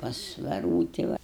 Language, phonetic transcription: Lithuanian, pas veˈrūti va

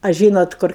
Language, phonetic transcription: Lithuanian, a ˈžynot ˈkur

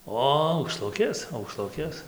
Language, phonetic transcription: Lithuanian, ˈo aukˈšlukės aukˈšlukės

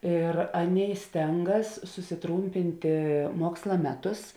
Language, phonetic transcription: Lithuanian, ir ˈaˌnėi ˈstengas susiˈtrūmpintė ˈmuoksla ˈmeˌtus

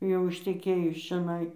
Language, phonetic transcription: Lithuanian, jau išteˈkėjus čiaˈnai

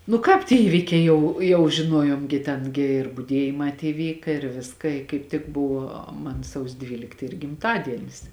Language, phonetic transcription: Lithuanian, nu ˈkāp tie ˈįvikiai ˈjau jau žiˈnuojom gi ˈten gi ir buˈdiejimā tie ˈvyka ir ˈviska i kaip ˈtik ˈbuvo ˈman ˈsausio ˈdvylikt ˈyr gimˈtadienis

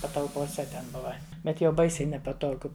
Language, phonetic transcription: Lithuanian, patalpoˈse ten ˈbuva ˈbet jau ˈbaisiai nepaˈtogu

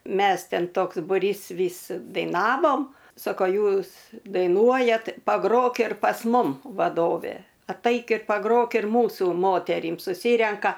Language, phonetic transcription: Lithuanian, ˈmes ˈten ˈtoks buˈrys ˈvys daiˈnavom ˈsoko ˈjūs daiˈnuojat paˈgrok ir pas ˈmum vaˈdovė atˈaik i paˈgrok ir ˈmūsų ˈmoterym suˈsyrenka

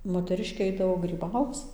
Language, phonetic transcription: Lithuanian, moteˈriškė ˈaidavo gryˈbauc

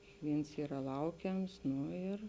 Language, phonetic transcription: Lithuanian, kikˈvyns ˈyra ˈlaukiams ˈnu ir

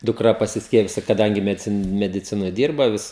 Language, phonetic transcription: Lithuanian, dukˈra pasisˈkiepijus kaˈdangi mediˈcin mediˈcinoj ˈdyrba vis

